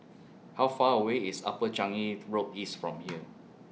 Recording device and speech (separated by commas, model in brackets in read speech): mobile phone (iPhone 6), read sentence